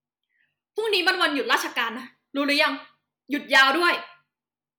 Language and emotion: Thai, angry